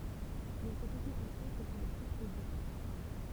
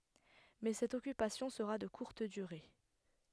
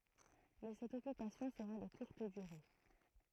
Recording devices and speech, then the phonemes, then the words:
temple vibration pickup, headset microphone, throat microphone, read sentence
mɛ sɛt ɔkypasjɔ̃ səʁa də kuʁt dyʁe
Mais cette occupation sera de courte durée.

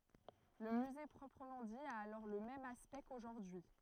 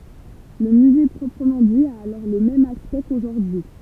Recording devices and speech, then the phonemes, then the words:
throat microphone, temple vibration pickup, read sentence
lə myze pʁɔpʁəmɑ̃ di a alɔʁ lə mɛm aspɛkt koʒuʁdyi
Le musée proprement dit a alors le même aspect qu'aujourd'hui.

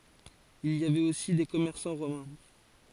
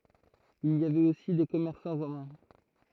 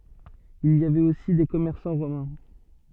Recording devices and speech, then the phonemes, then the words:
forehead accelerometer, throat microphone, soft in-ear microphone, read sentence
il i avɛt osi de kɔmɛʁsɑ̃ ʁomɛ̃
Il y avait aussi des commerçants romains.

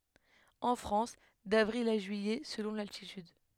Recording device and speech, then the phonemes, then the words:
headset microphone, read sentence
ɑ̃ fʁɑ̃s davʁil a ʒyijɛ səlɔ̃ laltityd
En France, d'avril à juillet, selon l'altitude.

